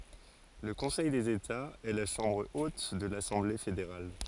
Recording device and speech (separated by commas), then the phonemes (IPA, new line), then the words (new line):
forehead accelerometer, read sentence
lə kɔ̃sɛj dez etaz ɛ la ʃɑ̃bʁ ot də lasɑ̃ble fedeʁal
Le Conseil des États, est la chambre haute de l'Assemblée fédérale.